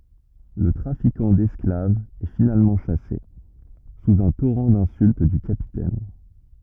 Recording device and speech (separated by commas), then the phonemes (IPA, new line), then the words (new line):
rigid in-ear microphone, read sentence
lə tʁafikɑ̃ dɛsklavz ɛ finalmɑ̃ ʃase suz œ̃ toʁɑ̃ dɛ̃sylt dy kapitɛn
Le trafiquant d'esclaves est finalement chassé, sous un torrent d'insultes du Capitaine.